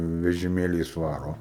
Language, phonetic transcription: Lithuanian, vežiˈmėliais ˈvaro

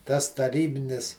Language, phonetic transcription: Lithuanian, tas taˈrybinis

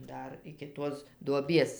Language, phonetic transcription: Lithuanian, ˈdar iki ˈtuos duoˈbies

